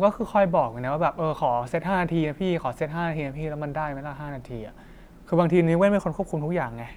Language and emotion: Thai, frustrated